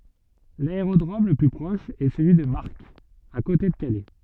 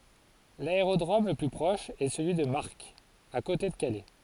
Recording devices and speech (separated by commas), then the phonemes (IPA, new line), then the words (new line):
soft in-ear microphone, forehead accelerometer, read sentence
laeʁodʁom lə ply pʁɔʃ ɛ səlyi də maʁk a kote də kalɛ
L'aérodrome le plus proche est celui de Marck, à côté de Calais.